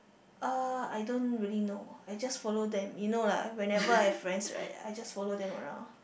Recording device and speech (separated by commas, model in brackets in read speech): boundary microphone, conversation in the same room